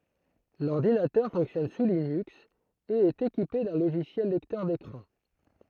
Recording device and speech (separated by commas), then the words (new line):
throat microphone, read sentence
L'ordinateur fonctionne sous Linux et est équipé d'un logiciel lecteur d'écran.